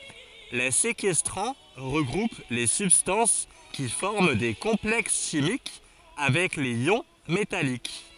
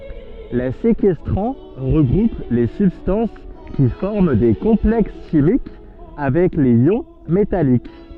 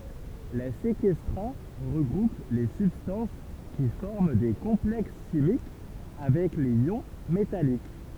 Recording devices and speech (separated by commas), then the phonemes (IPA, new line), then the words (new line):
forehead accelerometer, soft in-ear microphone, temple vibration pickup, read sentence
le sekɛstʁɑ̃ ʁəɡʁup le sybstɑ̃s ki fɔʁm de kɔ̃plɛks ʃimik avɛk lez jɔ̃ metalik
Les séquestrants regroupent les substances qui forment des complexes chimiques avec les ions métalliques.